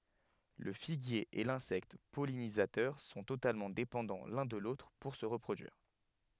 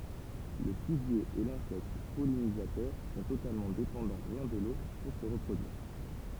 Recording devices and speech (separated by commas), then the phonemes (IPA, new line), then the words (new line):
headset microphone, temple vibration pickup, read sentence
lə fiɡje e lɛ̃sɛkt pɔlinizatœʁ sɔ̃ totalmɑ̃ depɑ̃dɑ̃ lœ̃ də lotʁ puʁ sə ʁəpʁodyiʁ
Le figuier et l'insecte pollinisateur sont totalement dépendants l'un de l'autre pour se reproduire.